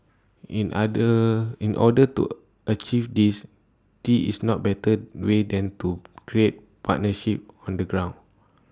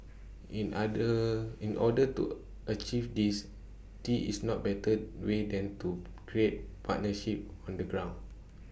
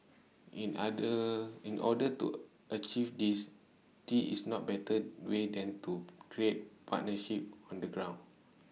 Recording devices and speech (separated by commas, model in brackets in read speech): standing microphone (AKG C214), boundary microphone (BM630), mobile phone (iPhone 6), read sentence